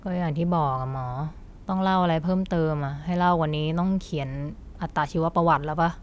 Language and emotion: Thai, frustrated